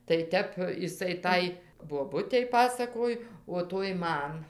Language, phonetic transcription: Lithuanian, tai ˈtep iˈsai ˈtai boˈbutei ˈpasakoj o ˈtoj ˈman

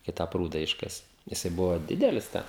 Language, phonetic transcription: Lithuanian, kai ˈtą ˈprūda ˈiškasi jiˈsai ˈbuvo ˈdidelis ˈten

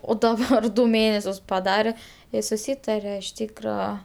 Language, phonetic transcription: Lithuanian, o daˈbar du ˈmėnesius paˈdare jo suˈsytario iš ˈtykra

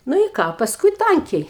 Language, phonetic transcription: Lithuanian, ˈnu i ˈką pasˈkui ˈtankiai

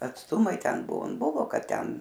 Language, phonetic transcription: Lithuanian, atsˈtumai ˈten ˈbuvo ˈbuvo ˈkad ˈten

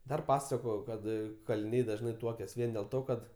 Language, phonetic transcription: Lithuanian, ˈdar ˈpasakojo ˈkad kaliˈniai dažˈnai ˈtuokias ˈvien dėl ˈto ˈkad

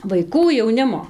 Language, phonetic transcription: Lithuanian, vaiˈkų jauˈnimo

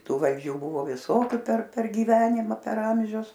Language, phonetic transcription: Lithuanian, ˈtų valˈdžių ˈbūvo viˈsokiu per per gyˈvenima per ˈamžius

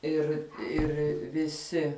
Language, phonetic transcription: Lithuanian, ˈir ir viˈsi

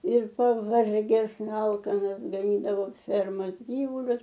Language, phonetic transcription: Lithuanian, ir paˈvarges ˈalkanas gaˈnydavo ˈfermos ˈgyvulius

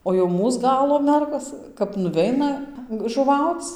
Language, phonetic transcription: Lithuanian, o jau ˈmūs ˈgalo ˈmergos kap nuˈveina žuˈvauc

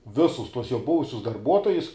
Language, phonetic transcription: Lithuanian, ˈvisus ˈtuos ˈjo ˈbuvusius darˈbuotojus

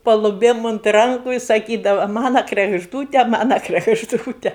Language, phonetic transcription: Lithuanian, paluˈbėm unt ˈranku i saˈkydava ˈmana kregžˈdūte ˈmana kregžˈdūte

